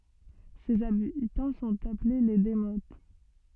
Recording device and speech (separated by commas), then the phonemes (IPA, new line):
soft in-ear microphone, read sentence
sez abitɑ̃ sɔ̃t aple le demot